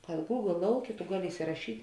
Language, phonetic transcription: Lithuanian, kad gūgl ˈlauˌkė tu ˈgaˌli isiraˈšyt'

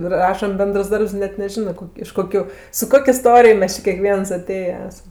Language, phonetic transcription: Lithuanian, i ˈrašam ˈbendrs ˈdarbs i ˈnet neˈžinɜ ˈkok' iš ˈkokiu su ˈkok' iˈstorij ˈmes či kėˈkvieas aˈtėje ˈesam

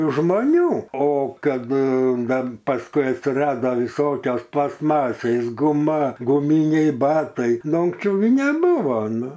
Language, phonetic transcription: Lithuanian, žmoˈnių o ˈkad gan pasˈkui atsiˈrada viˈsokios plastˈmasės guˈma guˈmyniai ˈbatai ˈnu unksˈčiau gi neˈbūvo ˈnu

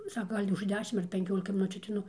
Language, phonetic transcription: Lithuanian, ˈsaka ˈgal' už ˈdešim ar penˈkiolika miˈnučių ateiˈnu

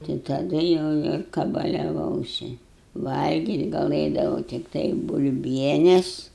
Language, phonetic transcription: Lithuanian, tai taˈdu jau ir kabaliaˈvausi ˈvalgyt' galɘdavau tikˈtai bulˈbienes

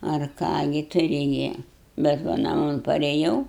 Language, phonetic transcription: Lithuanian, ar ˈką gi ˈturi gi bet ˈva naˈmon pareˈjau

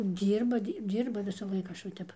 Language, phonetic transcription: Lithuanian, ˈdyrba ˈdy ˈdyrba visaˈlaik ˈaš va ˈtep

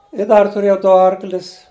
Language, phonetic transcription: Lithuanian, i ˈdar tuˈrėjau ˈdu ˈarklis

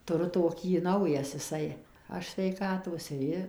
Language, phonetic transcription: Lithuanian, tuˈru toˈkį ˈnaujas jiˈsai ˈaš sveiˈkatos ir ˈji

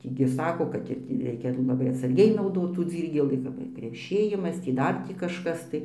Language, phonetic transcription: Lithuanian, ˈtį gi ˈsako kad ir tį ˈreikia laˈbai atsarˈgiai nauˈdot tų ˈdzyrgėlį kap ir kreˈšėjimas tį ˈdar tį kažˈkas tai

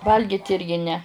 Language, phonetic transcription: Lithuanian, ˈvalgit ˈirgi ne

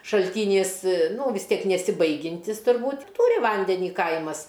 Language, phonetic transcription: Lithuanian, šalˈtynys ˈnū vis ˈtiek nesiˈbaigintis turˈbūt' i ˈtūri ˈvandenį ˈkaimas

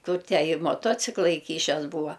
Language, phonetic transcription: Lithuanian, ˈkur ˈtę i moˈtocikla iˈkyšes ˈbūva

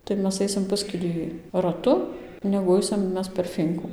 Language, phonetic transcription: Lithuanian, tai ˈmes ˈaisim ˈpuskilį raˈtu negu ˈaisim ˈmes per ˈfynku

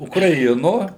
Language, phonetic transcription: Lithuanian, ukraˈino

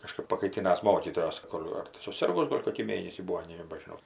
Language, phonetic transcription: Lithuanian, kaˈžkɜp pakaiˈtinas ˈmokytojos ˈkol' ar tai suˈsirgus ˈgol' kokį ˈmėnesį ˈbūo nebažiˈnau

